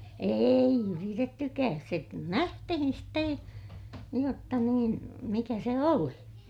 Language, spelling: Finnish, ei yritettykään se nähtiin sitten jotta niin mikä se oli
- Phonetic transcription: èij ‿yritettykääs se nähtihin ste , jotta niin , mikä se oli .

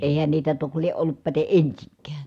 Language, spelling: Finnish, eihän niitä toki lie ollut päten ensinkään
- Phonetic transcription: èihän niitä tok lieʼ ʼollup päte ʼensiŋkää .

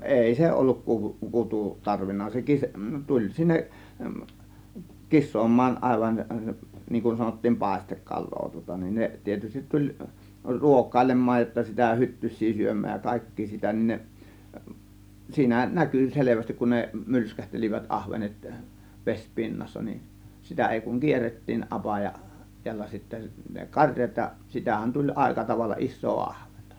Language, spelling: Finnish, ei se ollut - kutu tarvinnut se - tuli sinne kisaamaan aivan niin kuin sanottiin paistekalaa tuota niin ne tietysti tuli ruokailemaan jotta sitä hyttysiä syömään ja kaikkia sitä niin ne siinä näkyi selvästi kun ne mylskähtelivät ahvenet - vesipinnassa niin sitä ei kuin kierrettiin apaja täällä sitten ne karjat ja sitähän tuli aika tavalla isoa ahventa
- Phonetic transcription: èi 'se olluk 'kuvu- , "kutu , 'tarvinna se 'kis- , 'tuĺ 'sinneˀ , 'kis̆soom̆maan , 'àėvan , niiŋ kun sanottiim "pàėstekkal̆loo tŭŏta nin 'ne tietystit 'tuĺ , "ruok̆kàėlem̆maaj jotta sitä "hyttys̆sii 'syöm̆määj ja "kàėkkii 'sitä nin ne , 'siinä "näkỳ 'selevästik kun ne , "mylskähtel͕ivät 'ˀahvenet , 'ves "pinnassa nin , 'sitä 'èi kuŋ "kierret̀tiin 'ˀapaja , tiällä sittä ne 'kaŕjat ja sitähän 'tuĺ "ˀàėka tavalla "ˀis̆soo 'ahVENtA .

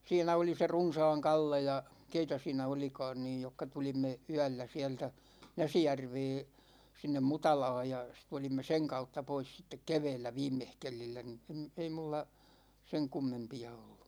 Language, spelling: Finnish, siinä oli se Runsaan Kalle ja keitä siinä olikaan niin jotka tulimme yöllä sieltä Näsijärveä sinne Mutalaan ja sitten tulimme sen kautta pois sitten keväällä viimeskelillä niin en ei minulla sen kummempia ollut
- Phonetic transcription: 'siinä oli se "Runsaaŋ 'Kalle ja , 'keitä 'siinä 'olika̭a̭n niij jokka 'tulimme , "yä̭llä siɛltä , 'Näsijärvee , 'sinnem "Mutalaaj ja , sit 'tulimme "seŋ 'kautta pois sittek 'kevɛɛllä 'viimmehkelillä ni em , 'ei mulla , 'seŋ 'kummempi₍a ollU .

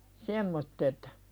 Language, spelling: Finnish, semmoiset
- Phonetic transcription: semmottet .

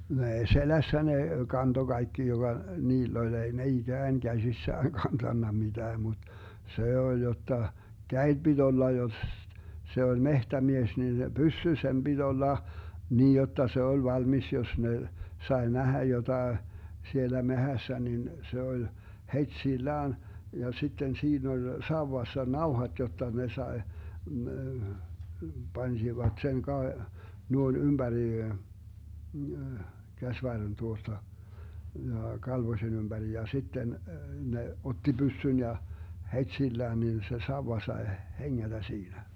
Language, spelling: Finnish, no ei selässä ne kantoi kaikki joka niillä oli ei ne ikään käsissään kantanut mitään mutta se oli jotta kädet piti olla jos se oli metsämies niin se pyssy sen piti olla niin jotta se oli valmis jos ne sai nähdä jotakin siellä metsässä niin se oli heti sillään ja sitten siinä oli sauvassa nauhat jotta ne sai panivat sen - noin ympäri käsivarren tuosta ja kalvosen ympäri ja sitten ne otti pyssyn ja heti sillään niin se sauva sai hengätä siinä
- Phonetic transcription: no 'ei "selässä ne , 'kanto 'Gaikki joGa , 'niill ‿oĺ 'ei ne "iGään 'Gäsissään 'kantanna 'mitää mut , 'se 'oĺ 'jotta , "käeD 'BiD 'olla josss , 'se oĺ "mehtämies nin (se) , "pyssy 'sem 'BiD 'olla , 'niij 'jotta 'se 'oĺ 'valmis 'jos ne , 'sae "nähä 'jotae , 'sielä "mehässä nin , 'se oĺ , "het"sillään , ja 'sitten 'siin ‿oĺ 'sauwassa "nauhat 'jotta 'ne 'sae , 'Bansivat 'sen ka- , 'nuoin "ymBäri , 'käsvarren 'tuosta , ja 'kalvosen ymBäri ja 'sitten , 'ne , 'otti "byssyn 'ja , "het'sillään 'nin 'se "sauwa 'sae 'heŋŋätä 'siinä .

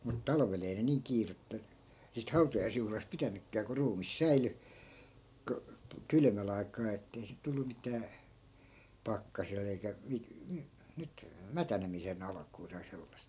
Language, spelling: Finnish, mutta talvella ei ne niin kiirettä siitä hautajaisjuhlasta pitänytkään kun ruumis säilyi - kylmän aikaan että ei sitä tullut mitään pakkasella eikä - - nyt mätänemisen alkua tai sellaista
- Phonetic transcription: mut 'talᵃvel ‿ei ne "niiŋ 'kiirettä , siit 'hautajaisjuhlas 'pitänykkää ku 'ruumis "säily , ko- , "kylmä'l ‿ai̮k̆kaa ettei sit̆ 'tullu mitää , 'pakkasel̆l ‿eikä , 'mi- , (my-) , nyt , "mätänemise'n ‿alakuu tai 'sellas(t) .

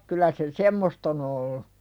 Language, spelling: Finnish, kyllä se semmoista on ollut
- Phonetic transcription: 'kyl̆lä se "semmost ‿on ‿ollu .

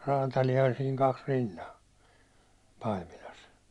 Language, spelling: Finnish, räätäliä oli siinä kaksi rinnan Paimilassa
- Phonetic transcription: 'raatalija oĺ siiŋ kaks 'rinna , 'Paimilas .

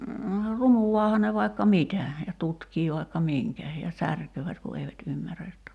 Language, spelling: Finnish, runuaahan ne vaikka mitä ja tutkii vaikka minkä ja särkevät kun eivät ymmärrä jotta
- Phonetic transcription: 'runuwaaha ne vai̬kka "mitä , ja 'tutkii vaikka "miŋkä , ja 'särköövät ku eivät 'ymmärä jotta ,.

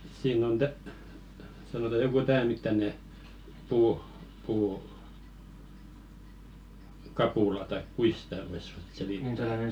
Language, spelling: Finnish, siinä on - sanotaan joku tämän mittainen puu - puukapula tai kuinkas sitä voisi ruveta -
- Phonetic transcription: siin ‿on 'tä- , sanota 'joku "tää mittane , puuʰ 'puu- , -"kapula taik 'kuis sⁱtä̀ vois ruvet 'selittä- ,.

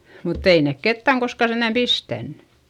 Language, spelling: Finnish, mutta ei ne ketään koskaan sentään pistänyt
- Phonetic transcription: mutt ‿ei nèk kettäŋ koska senDäm pistännY .

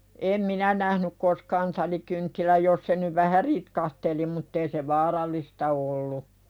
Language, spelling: Finnish, en minä nähnyt koskaan talikynttilää jos se nyt vähän ritkahteli mutta ei se vaarallista ollut
- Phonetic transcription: em "minä nähnyk 'koskaan talikynttiläj jos se nyv "vähä 'ritkahteli mutt ‿ei se "vaaral̆lista ollu .

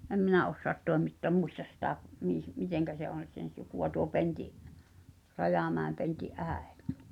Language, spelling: Finnish, en minä osaa toimittaa muista sitä - miten se on sen sukua tuo Pentin Rajamäen Pentin äiti
- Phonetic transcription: 'em "minä 'ossoat 'tòemittoăm "muistas sitä , mìh- , "miteŋkä se on̬ , sen̬ 'suku₍a tuo 'Penti’ , "Rajàmä̀em Penti’ '’ä̀ᴇt .

